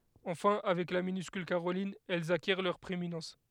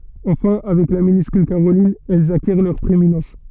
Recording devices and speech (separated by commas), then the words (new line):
headset microphone, soft in-ear microphone, read sentence
Enfin, avec la minuscule caroline, elles acquièrent leur prééminence.